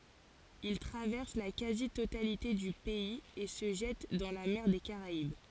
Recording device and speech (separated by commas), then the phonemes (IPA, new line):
forehead accelerometer, read sentence
il tʁavɛʁs la kazi totalite dy pɛiz e sə ʒɛt dɑ̃ la mɛʁ de kaʁaib